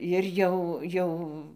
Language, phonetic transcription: Lithuanian, jir ˈjau ˈjau

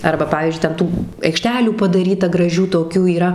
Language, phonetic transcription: Lithuanian, ˈarba ˈpavyzdžiui ten ˈtų aikˈštelių padaˈryta graˈžių toˈkių yˈra

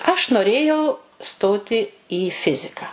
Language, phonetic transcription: Lithuanian, aš noˈrėjau ˈstoti į ˈfiziką

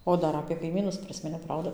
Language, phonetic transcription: Lithuanian, ˈo ˈdar apė kaiˈmynus ˈprisminiau ˈprauda

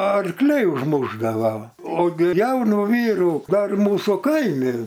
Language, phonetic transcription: Lithuanian, arˈkliai užˈmušdavo ogi ˈjaunu ˈvyrų ˈdar ˈmūsų ˈkaimi

